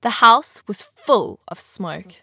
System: none